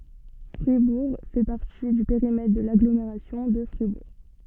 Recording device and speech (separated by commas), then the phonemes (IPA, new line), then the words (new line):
soft in-ear microphone, read sentence
fʁibuʁ fɛ paʁti dy peʁimɛtʁ də laɡlomeʁasjɔ̃ də fʁibuʁ
Fribourg fait partie du périmètre de l'Agglomération de Fribourg.